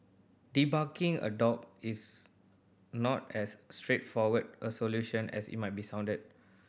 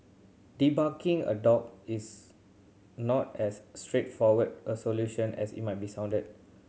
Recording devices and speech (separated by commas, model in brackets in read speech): boundary microphone (BM630), mobile phone (Samsung C7100), read sentence